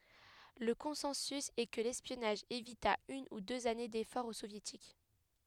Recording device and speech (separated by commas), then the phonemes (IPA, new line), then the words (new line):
headset microphone, read sentence
lə kɔ̃sɑ̃sy ɛ kə lɛspjɔnaʒ evita yn u døz ane defɔʁz o sovjetik
Le consensus est que l'espionnage évita une ou deux années d'efforts aux Soviétiques.